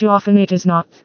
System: TTS, vocoder